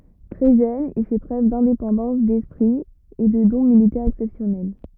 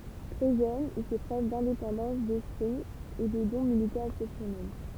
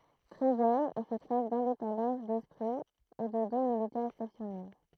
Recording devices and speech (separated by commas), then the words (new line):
rigid in-ear microphone, temple vibration pickup, throat microphone, read sentence
Très jeune, il fait preuve d'indépendance d'esprit et de dons militaires exceptionnels.